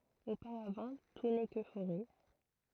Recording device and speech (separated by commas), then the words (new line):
throat microphone, read sentence
Auparavant, tout n'est que forêt.